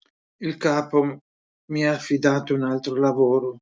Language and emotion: Italian, sad